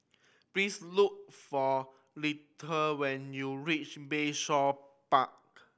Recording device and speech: boundary microphone (BM630), read sentence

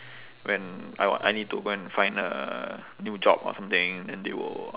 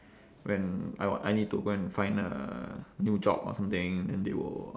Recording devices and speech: telephone, standing microphone, conversation in separate rooms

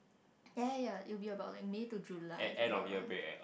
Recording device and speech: boundary microphone, conversation in the same room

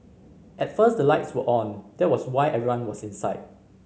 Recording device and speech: mobile phone (Samsung C5010), read sentence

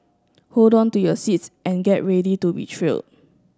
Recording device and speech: standing microphone (AKG C214), read sentence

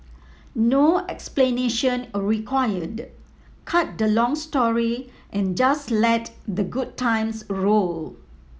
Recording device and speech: mobile phone (iPhone 7), read sentence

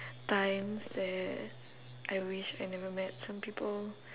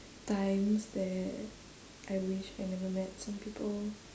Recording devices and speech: telephone, standing microphone, conversation in separate rooms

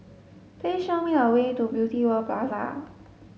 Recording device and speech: mobile phone (Samsung S8), read sentence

